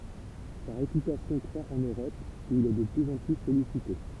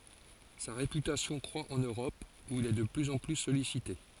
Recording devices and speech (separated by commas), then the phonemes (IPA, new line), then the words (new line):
temple vibration pickup, forehead accelerometer, read sentence
sa ʁepytasjɔ̃ kʁwa ɑ̃n øʁɔp u il ɛ də plyz ɑ̃ ply sɔlisite
Sa réputation croît en Europe où il est de plus en plus sollicité.